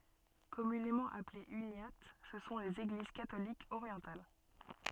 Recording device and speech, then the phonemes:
soft in-ear microphone, read sentence
kɔmynemɑ̃ aplez ynjat sə sɔ̃ lez eɡliz katolikz oʁjɑ̃tal

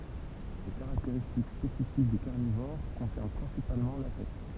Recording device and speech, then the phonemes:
temple vibration pickup, read sentence
le kaʁakteʁistik spesifik de kaʁnivoʁ kɔ̃sɛʁn pʁɛ̃sipalmɑ̃ la tɛt

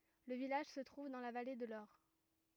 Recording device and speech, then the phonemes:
rigid in-ear microphone, read sentence
lə vilaʒ sə tʁuv dɑ̃ la vale də lɔʁ

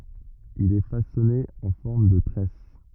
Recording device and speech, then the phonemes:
rigid in-ear microphone, read sentence
il ɛ fasɔne ɑ̃ fɔʁm də tʁɛs

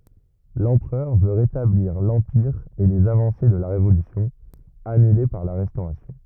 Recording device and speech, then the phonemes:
rigid in-ear microphone, read sentence
lɑ̃pʁœʁ vø ʁetabliʁ lɑ̃piʁ e lez avɑ̃se də la ʁevolysjɔ̃ anyle paʁ la ʁɛstoʁasjɔ̃

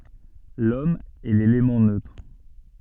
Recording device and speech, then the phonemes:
soft in-ear microphone, read sentence
lɔm ɛ lelemɑ̃ nøtʁ

